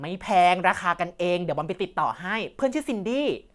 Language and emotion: Thai, happy